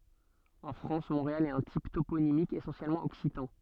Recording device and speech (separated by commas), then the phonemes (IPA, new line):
soft in-ear microphone, read sentence
ɑ̃ fʁɑ̃s mɔ̃ʁeal ɛt œ̃ tip toponimik esɑ̃sjɛlmɑ̃ ɔksitɑ̃